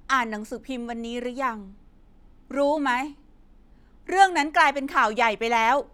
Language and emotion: Thai, angry